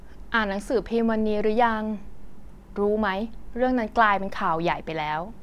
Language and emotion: Thai, neutral